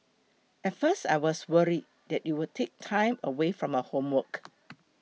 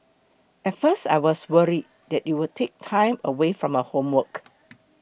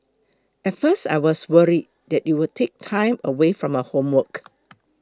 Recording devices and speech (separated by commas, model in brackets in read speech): mobile phone (iPhone 6), boundary microphone (BM630), close-talking microphone (WH20), read sentence